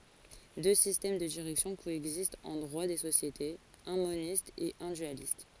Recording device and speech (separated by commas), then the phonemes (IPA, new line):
forehead accelerometer, read sentence
dø sistɛm də diʁɛksjɔ̃ koɛɡzistt ɑ̃ dʁwa de sosjetez œ̃ monist e œ̃ dyalist